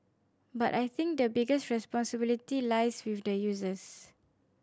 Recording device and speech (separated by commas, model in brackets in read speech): standing microphone (AKG C214), read sentence